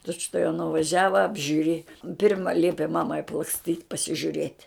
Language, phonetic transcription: Lithuanian, ˈtučtuojau nuvaˈžiava apžiuˈrėja ˈpirma ˈliepi ˈmamai aplaksˈtyt' pasižiuˈrėt'

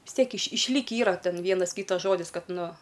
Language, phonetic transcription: Lithuanian, vis ˈtiek iš išˈlykį ˈyra ˈten ˈvienas ˈkytas ˈžodis ˈkad ˈnu

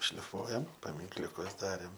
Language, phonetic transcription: Lithuanian, šliˈfuojam paminkliuˈkus ˈdarėm

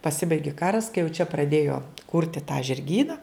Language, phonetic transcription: Lithuanian, paˈsibaigi ˈkaras kai jau čia praˈdėjo ˈkurti tą žirˈgyna

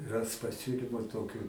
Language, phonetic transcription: Lithuanian, ˈras paˈsiulimu ˈtokiu

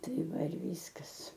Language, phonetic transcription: Lithuanian, ˈtai ˈva ir ˈvyskas

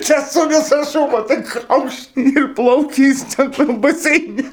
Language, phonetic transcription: Lithuanian, ˈčia su viˈsa ˈšūba tik ˈkaukšt ir ˈplaukia ˈjis ten ˈtam baˈseine

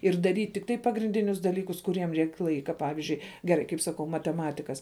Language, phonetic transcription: Lithuanian, ir daˈryt' tikˈtai pagrinˈdinius daˈlykus kuˈriem ˈreik' ˈlaika ˈpavizdžiui geˈrai kaip saˈkau mateˈmatikas

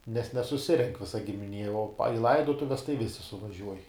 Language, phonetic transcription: Lithuanian, nes nesuˈsirenk ˈvisa gimiˈnie o pa i ˈlaidotuves tai ˈvisi suvaˈžiuoj

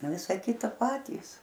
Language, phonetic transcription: Lithuanian, ˈvisa ˈkita ˈpatys

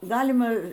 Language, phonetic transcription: Lithuanian, ˈgalima

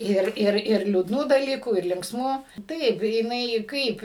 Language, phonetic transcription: Lithuanian, ˈir ˈir ir liūdˈnų daˈlykų ir linksˈmų ˈtaip jiˈnai ˈkaip

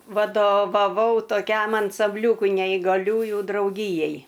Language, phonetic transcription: Lithuanian, vadovaˈvau toˈkiam ansamˈbliūkui neigaˈliųju drauˈgyjai

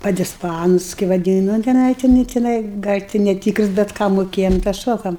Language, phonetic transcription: Lithuanian, padisˈpanus kai vaˈdynu nu teˈnai tiˈnai tiˈnai gal' ti neˈtykrus bet ˈką moˈkėjam tą ˈšokam

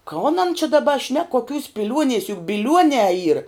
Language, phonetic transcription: Lithuanian, ˈkon an čia daˈba šnek koˈkiūs piˈliuonies juk biˈliuonē yr

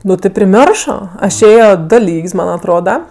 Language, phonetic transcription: Lithuanian, ˈnu ti priˈmioršo ˈaš ˈėjo ˈdo ˈlyg's' ˈman atˈroda

